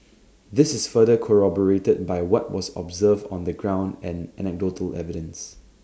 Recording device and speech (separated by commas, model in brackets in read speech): standing microphone (AKG C214), read sentence